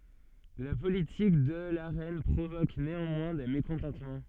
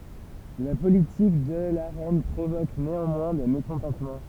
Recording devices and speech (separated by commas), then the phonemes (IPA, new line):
soft in-ear microphone, temple vibration pickup, read sentence
la politik də la ʁɛn pʁovok neɑ̃mwɛ̃ de mekɔ̃tɑ̃tmɑ̃